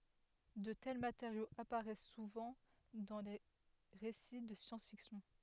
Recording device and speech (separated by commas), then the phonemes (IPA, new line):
headset microphone, read sentence
də tɛl mateʁjoz apaʁɛs suvɑ̃ dɑ̃ de ʁesi də sjɑ̃s fiksjɔ̃